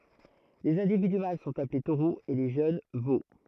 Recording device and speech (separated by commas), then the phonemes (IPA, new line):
throat microphone, read sentence
lez ɛ̃dividy mal sɔ̃t aple toʁoz e le ʒøn vo